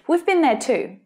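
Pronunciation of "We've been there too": In 'We've been there too', the vowel in 'been' is shortened, so it sounds like 'bin', not 'been'.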